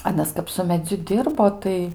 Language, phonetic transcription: Lithuanian, aˈnas kap su meˈdziu ˈdirbo tai

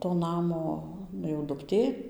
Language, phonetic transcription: Lithuanian, to ˈnamo ˈnu jau dukˈtė

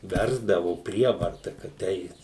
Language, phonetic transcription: Lithuanian, ˈversdavu ˈprievarta kad ˈeit

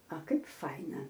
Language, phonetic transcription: Lithuanian, a ˈkaip ˈfaina

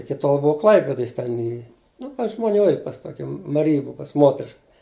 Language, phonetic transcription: Lithuanian, ˈiki tol ˈbuvo ˈklaipidoj jis ˈten i ˈnu pas žmoˈnių ir pas ˈtoki maˈrija ˈbuu pas ˈmotrišk

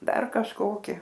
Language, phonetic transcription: Lithuanian, ˈdar kažˈkoki

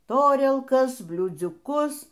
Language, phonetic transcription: Lithuanian, ˈtorielkas bliūdziuˈkus

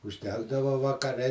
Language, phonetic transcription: Lithuanian, užˈdegdava vakaˈre

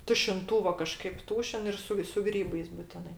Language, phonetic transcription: Lithuanian, tušinˈtūvo kaˈžkaip ˈtūšin ˈir su su ˈgrybais buˈtinai

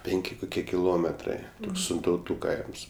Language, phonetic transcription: Lithuanian, ˈpenki kuˈkie kiˈlometrai sintauˈtų ˈkaims

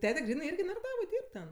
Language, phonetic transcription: Lithuanian, ˈtete ˈgrynɜ ˈirgi naraˈdavoj ˈdyrb ten

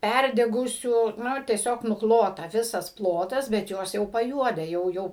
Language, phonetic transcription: Lithuanian, ˈpærdegusių ˈnu tieˈsiog nuˈklota ˈvisas ˈplotas bet ˈjos jau paˈjuode ˈjau ˈjau

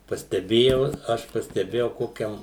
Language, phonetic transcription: Lithuanian, pasteˈbėjau ˈaš pasteˈbėjau ˈkokiam

